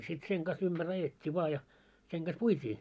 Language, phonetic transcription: Finnish, sit seŋ ɢas 'ymʙär 'ajet́t́i vaa ja , seŋ ɢas "puit́ii .
- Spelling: sitten sen kanssa ympäri ajettiin vain ja sen kanssa puitiin

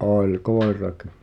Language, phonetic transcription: Finnish, '’òĺ "koer̆raki .
- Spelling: oli koirakin

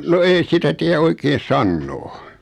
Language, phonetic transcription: Finnish, no 'ei sitä tiä 'oikeen̬ "sannoo .
- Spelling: no ei sitä tiedä oikein sanoa

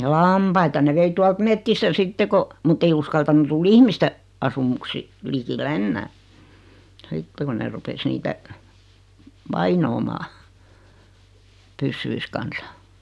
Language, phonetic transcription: Finnish, laampaita ne 'vei 'tualt "mettistä 'sitte ko , 'mutt ‿ei uskaltanu 'tul "ihmiste , 'asumuksi , likille 'ennää , 'sitte kun ne rupes 'niitä , "vainoomaa , 'pyssyis kansa .
- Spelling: lampaita ne vei tuolta metsistä sitten kun mutta ei uskaltanut tulla ihmisten asumusten likelle enää sitten kun ne rupesi niitä vainoamaan pyssyjen kanssa

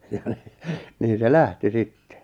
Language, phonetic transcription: Finnish, jᴀ ɴɪ , 'niin̬ se "lähti "sitte .
- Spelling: ja niin niin se lähti sitten

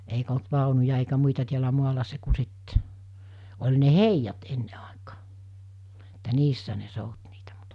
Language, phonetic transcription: Finnish, eikᵃ̈ olt 'vàonuja eikä 'muita tiälä 'muala se ku sit , oĺ ne "heijat 'enne àekᴀᴀ , Että 'niissä ne 'sout niitᴀ̈ (mut) .
- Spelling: eikä ollut vaunuja eikä muita täällä maalla se kun sitten oli ne heijat ennen aikana että niissä ne souti niitä mutta

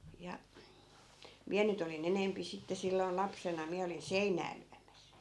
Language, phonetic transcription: Finnish, ja , 'miä nyt ‿oli'n ‿enempi sitte 'silloi̮n 'lapsena , 'miä olin "seinää lyämäs .
- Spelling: ja minä nyt olin enempi sitten silloin lapsena minä olin seinää lyömässä

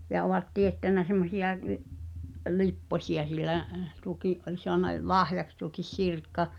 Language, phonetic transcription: Finnish, 'sehä̀ŋ kuulu 'tekövä’ '’uuwesta , ja ovat 'tiettänä semmosiʲa (ni’) , "lippośi₍a sil̆lä , 'tuokì’ ’oĺ soana l- "lahjaks tuokis "Sirkka ,.
- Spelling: sehän kuului tekevän uudestaan ja ovat teettänyt semmoisia niin lipposia sillä tuokin oli saanut - lahjaksi tuokin Sirkka

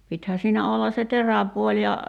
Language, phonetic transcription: Finnish, 'pithää siinä 'olla se "teräpuoĺ ja ,.
- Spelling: pitihän siinä olla se teräpuoli ja

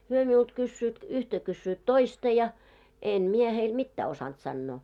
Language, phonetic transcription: Finnish, hyö miult 'kyssyyt , "yhtä kyssyyt "toista ja , em 'mie heil "mittää osant 'sannoo .
- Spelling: he minulta kysyvät yhtä kysyvät toista ja en minä heille mitään osannut sanoa

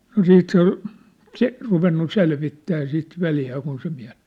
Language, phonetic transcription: Finnish, no "siit se ‿ŏl , 'se- , ruvennu "selvittää sit "veljää kun se miä- ,.
- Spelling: no sitten se oli - ruvennut selvittämään sitä veljeä kun se -

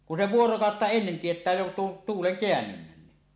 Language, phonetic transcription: Finnish, kun se "vuorokàotta "ennen 'tiet̀ää jo tuon 'tuuleŋ 'keännynnänni .
- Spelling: kun se vuorokautta ennen tietää jo tuon tuulen kääntymisen

